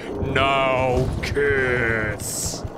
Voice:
deep voice